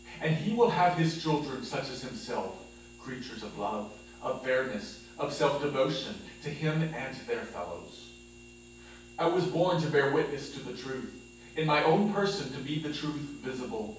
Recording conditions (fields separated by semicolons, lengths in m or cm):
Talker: one person; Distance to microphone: 9.8 m; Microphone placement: far; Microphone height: 1.8 m; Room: large; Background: none